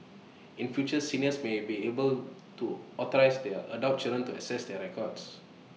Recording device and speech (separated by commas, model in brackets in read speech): mobile phone (iPhone 6), read sentence